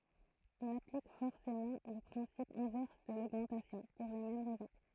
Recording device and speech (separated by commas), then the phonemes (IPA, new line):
throat microphone, read sentence
ɔ̃n aplik fɔʁsemɑ̃ lə pʁɛ̃sip ɛ̃vɛʁs də loɡmɑ̃tasjɔ̃ puʁ le mɛm ʁɛzɔ̃